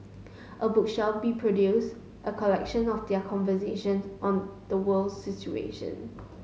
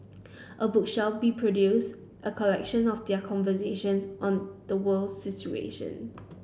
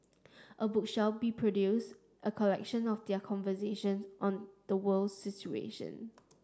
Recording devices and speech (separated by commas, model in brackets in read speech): mobile phone (Samsung S8), boundary microphone (BM630), standing microphone (AKG C214), read sentence